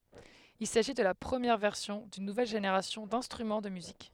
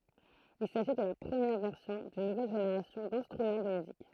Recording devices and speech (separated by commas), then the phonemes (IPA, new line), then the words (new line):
headset microphone, throat microphone, read sentence
il saʒi də la pʁəmjɛʁ vɛʁsjɔ̃ dyn nuvɛl ʒeneʁasjɔ̃ dɛ̃stʁymɑ̃ də myzik
Il s'agit de la première version d'une nouvelle génération d'instruments de musique.